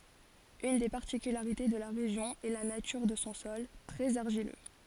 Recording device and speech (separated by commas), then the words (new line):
forehead accelerometer, read sentence
Une des particularités de la région est la nature de son sol, très argileux.